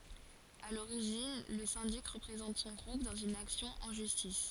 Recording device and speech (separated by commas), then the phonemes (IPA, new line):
forehead accelerometer, read sentence
a loʁiʒin lə sɛ̃dik ʁəpʁezɑ̃t sɔ̃ ɡʁup dɑ̃z yn aksjɔ̃ ɑ̃ ʒystis